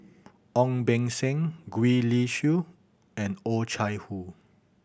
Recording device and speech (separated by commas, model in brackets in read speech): boundary microphone (BM630), read sentence